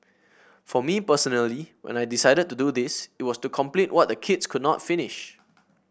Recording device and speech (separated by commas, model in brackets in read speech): boundary microphone (BM630), read sentence